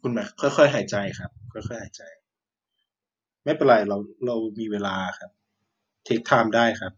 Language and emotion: Thai, neutral